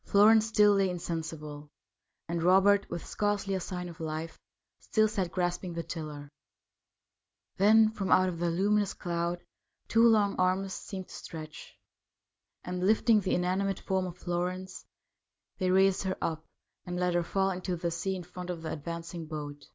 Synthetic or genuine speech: genuine